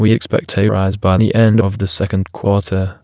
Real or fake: fake